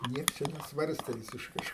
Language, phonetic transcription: Lithuanian, ˈnieks ˈčia neˈsvarstė visišˈkai

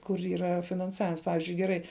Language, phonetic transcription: Lithuanian, kur yˈra finanˈsavims ˈpavizdžiui geˈrai

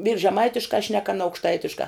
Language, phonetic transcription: Lithuanian, vyrs žeˈmaitiškā šnek aˈna aukšˈtaitiškā

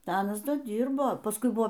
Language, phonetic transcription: Lithuanian, ˈda ˈanas ˈda ˈdyrbo pasˈkui ˈbuvo

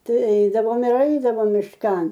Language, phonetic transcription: Lithuanian, ˈtai eidavom ir ˈeidavom mišˈkan

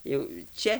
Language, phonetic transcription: Lithuanian, ˈjau ˈčia

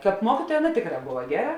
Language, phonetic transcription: Lithuanian, ˈkāp ˈmuokytuoja ˈaˌna ˈtėkˌrā ˈbova ˈgeˌra

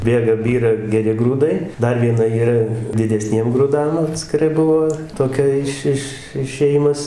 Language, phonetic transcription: Lithuanian, ˈbėga ˈbyra geˈri grūˈdai ˈdar vieˈna yˈra dideˈsniem gruˈdam atskiˈrai ˈbuvo toˈkia iš ˈiš išėˈjimas

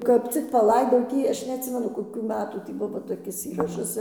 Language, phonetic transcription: Lithuanian, kap ˈcik paˈlaidau ˈtį ˈaš neatˈsimenu koˈkių ˈmetų tį ˈbuvo toˈkis ˈįrašas

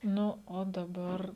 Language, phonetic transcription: Lithuanian, ˈnu o daˈbar

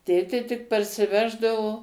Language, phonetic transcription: Lithuanian, ˈtėtė tik parsiˈveždavo

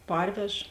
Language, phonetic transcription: Lithuanian, ˈparvež

